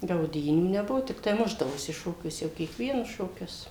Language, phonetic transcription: Lithuanian, gauˈdynių neˈbuvo tikˈtai ˈmušdavosi ˈšokiuose jau kiekˈvienus šoˈkius

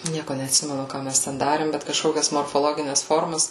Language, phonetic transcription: Lithuanian, ˈnieko neatˈsimenu ˈką mes ten ˈdarėm bet kažˈkokias morfoˈlogines ˈformas

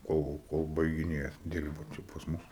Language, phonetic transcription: Lithuanian, ˈkol kol baigiˈnėjat ˈdirbat i pas ˈmus

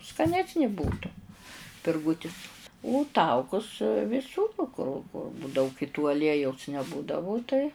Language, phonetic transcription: Lithuanian, skaˈnesni ˈbūtu pirˈgūtis u ˈtaukus viˈsūr kur daug i tu aˈliejaus neˈbūdavu tai

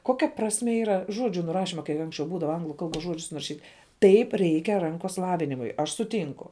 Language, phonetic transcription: Lithuanian, ˈkokia prasˈmė yˈra ˈžodžiu nuˈrašima kai ˈanksčiau ˈbūdava ˈanglu ˈkalˌbos ˈžuodžius nuraˈšyt' ˈtaip ˈreikia ˈrankos ˈlavinimui aš suˈtynku

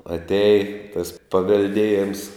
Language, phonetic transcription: Lithuanian, atˈeji tas pavelˈdėjems

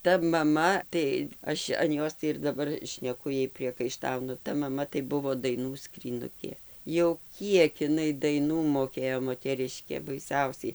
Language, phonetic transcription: Lithuanian, ˈta maˈma tai ˈaš an ˈjos tai ir daˈbar šneˈku ˈjai priekaiˈštaunu ˈta maˈma tai ˈbuvo daiˈnų skryˈnukė jau ˈkiek iˈnai daiˈnų moˈkėjo moteˈriškė baiˈsiausiai

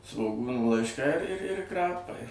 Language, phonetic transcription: Lithuanian, svoˈgūnų laišˈkai ir ir ir ˈkrapai

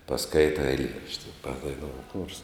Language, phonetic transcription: Lithuanian, paˈskaita eiˈlierašti padaiˈnou chors

